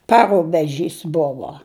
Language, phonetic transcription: Lithuanian, ˈparubeˌžys ˈbuvo

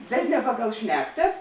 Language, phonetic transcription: Lithuanian, bet ne ˈpaˌgal ˈšnekta

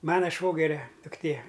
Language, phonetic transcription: Lithuanian, ˈmana ˈšvogeria dukˈtė

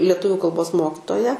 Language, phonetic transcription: Lithuanian, lieˈtuviu kalˈbos ˈmokitoją

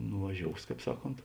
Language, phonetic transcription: Lithuanian, nuvaˈžious ˈkāp ˈsaˌkont

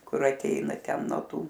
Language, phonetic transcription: Lithuanian, ˈkur aˈteina ˈten no ˈtų

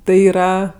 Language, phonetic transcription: Lithuanian, ˈtai yˈra

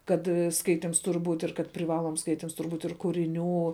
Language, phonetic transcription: Lithuanian, ˈkad ˈskaitims ˈtur' ˈbūt' ir kad priˈvaloms ˈskaitims ˈtur' ˈbūt' ir kuriˈnių

